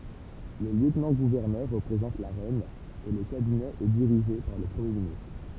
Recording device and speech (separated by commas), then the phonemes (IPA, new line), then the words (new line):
temple vibration pickup, read sentence
lə ljøtnɑ̃ɡuvɛʁnœʁ ʁəpʁezɑ̃t la ʁɛn e lə kabinɛ ɛ diʁiʒe paʁ lə pʁəmje ministʁ
Le lieutenant-gouverneur représente la reine et le cabinet est dirigée par le Premier ministre.